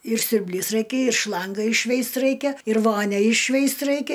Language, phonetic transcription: Lithuanian, ir siurbˈlys ˈraikia ir ˈšlanga išˈšveist ˈraikia ir ˈvonia išˈšveist ˈraikia

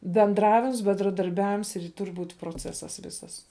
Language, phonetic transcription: Lithuanian, benˈdravims bendradarˈbiavims ir ˈtur' ˈbūt' proˈcesas ˈvisas

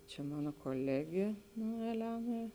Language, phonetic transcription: Lithuanian, čia ˈmano koˈlegė nu eˈlena

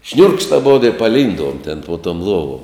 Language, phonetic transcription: Lithuanian, šniurkšt aˈbodo i paˈlynduom ten po tom ˈluovom

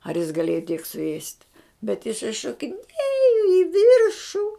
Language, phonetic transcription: Lithuanian, ar jis gaˈlėjo tiek suˈėst' bet iˈsai šokiˈnėjo i ˈvyršu

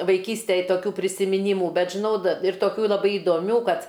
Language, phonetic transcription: Lithuanian, vaiˈkystėj toˈkių prisimiˈnymu ˈbet žiˈnau da ir toˈkių laˈbai idoˈmių ˈkad

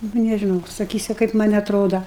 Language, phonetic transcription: Lithuanian, ˈnu nežiˈnau saˈkysiu kaip ˈman' atˈroda

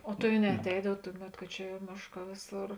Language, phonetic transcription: Lithuanian, o tai a neaˈteidav ˈtuˌmet ˈka čia ˈmėšˌkā ˈvėˌsor

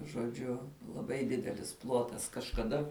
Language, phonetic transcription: Lithuanian, žoˈdžiu laˈbai ˈdidelis ˈplotas kažkaˈda

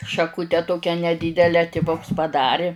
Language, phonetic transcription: Lithuanian, šaˈkute ˈtokia neˈdydele tiˈvuks paˈdari

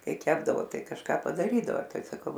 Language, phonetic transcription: Lithuanian, ˈkai ˈkepdavo ˈtai kažˈką padaˈrydavo ˈtai saˈkau

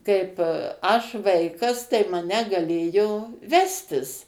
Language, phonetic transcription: Lithuanian, ˈkaip ˈaš ˈvaikas tai maˈne gaˈlėjo ˈvestis

